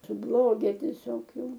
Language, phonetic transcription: Lithuanian, suˈbloge tieˈsiog ˈjau

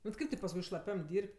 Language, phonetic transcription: Lithuanian, bet ˈkaip ti pasˈkui šlaˈpiam ˈdyrb't'

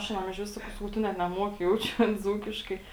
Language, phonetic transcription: Lithuanian, aš aˈnam išˈvis ˈsakau ˈsakau ˈtu net neˈmuoki ˈjaučiu an ˈdzūkiškai

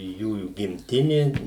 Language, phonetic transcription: Lithuanian, ˈjųjų gimˈtinė

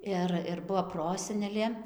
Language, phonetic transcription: Lithuanian, ˈir ir ˈbuo ˈprosenelė

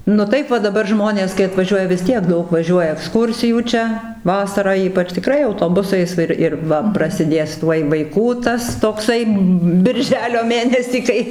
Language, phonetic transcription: Lithuanian, nu ˈtaip va daˈbar ˈžmonės kai atvaˈžiuoja vis ˈtiek ˈdaug vaˈžiuoja ekˈskūrsijų ˈčia ˈvasarą ˈypač tiˈkrai autoˈbusais ˈir ir ˈva prasiˈdės ˈtuoj vaiˈkų ˈtas tokˈsai birˈželio ˈmėnesį ˈkai

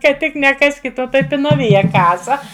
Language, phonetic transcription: Lithuanian, ka ˈtik neˈkaskit ˈo ˈtai pinaˈvija ˈkasa

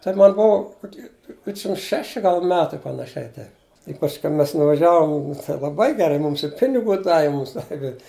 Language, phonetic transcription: Lithuanian, tai ˈman ˈbuu koˈky ˈdvidšim ˈšeši ˈgal ˈmetai panaˈšiai ˈtaip i pasˈkiau ˈmes nuvaˈžiavom laˈbai geˈrai ˈmūms i ˈpinigu ˈdavi ˈmūms ˈdavi

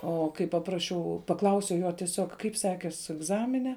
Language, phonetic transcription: Lithuanian, ˈo kai paˈprašiau paˈklausiau ˈjo tieˈsiog ˈkaip ˈsekės egˈzamine

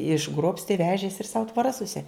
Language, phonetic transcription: Lithuanian, išˈgrobsti ˈvežėsi ir sau tvoˈras suˈsi

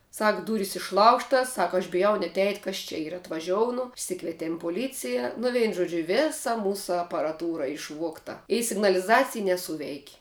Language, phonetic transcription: Lithuanian, ˈsak ˈdūrys išˈlaužtas ˈsak aš biˈjau net eit' ˈkas čia ˈyra atvaˈžiounu išˈsikvietėm poˈlycija nu ˈveinu ˈžuodžiu ˈvėsa ˈmūsu aparaˈtūra išˈvuogta i signaliˈzacij neˈsūveik'

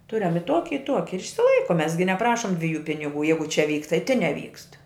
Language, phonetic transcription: Lithuanian, ˈturiam i ˈtuoki i ˈtuoki ir išsiˈlaikum ˈmes gi neˈprašum dviˈjų piniˈgų ˈjeigu ˈčia ˈvyk tai tin neˈvykst

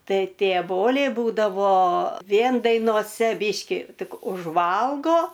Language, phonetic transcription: Lithuanian, ˈtai ˈtė ˈboliai ˈbūdavo ˈvien dainoˈse ˈbyški ˈtik užˈvalgo

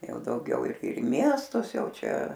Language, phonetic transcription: Lithuanian, ˈjau dauˈgiau ir ir i ˈmiestus ˈjau ˈčia

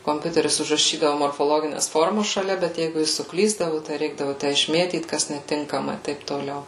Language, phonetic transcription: Lithuanian, komˈpiuteris užraˈšydavu morfoˈlogines ˈformas šaˈlia bet ˈjeigu ˈjis suˈklysdavu tai ˈreikdavu ˈtæ išˈmėtyt kas neˈtinkama i ˈtaip toˈliau

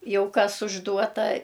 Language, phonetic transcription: Lithuanian, ˈjau ˈkas užˈduota

